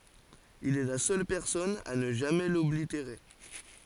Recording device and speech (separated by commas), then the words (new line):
forehead accelerometer, read sentence
Il est la seule personne à ne jamais l’oblitérer.